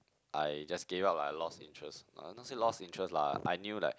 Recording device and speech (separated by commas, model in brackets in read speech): close-talking microphone, conversation in the same room